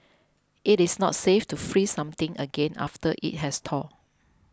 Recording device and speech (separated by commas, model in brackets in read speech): close-talking microphone (WH20), read sentence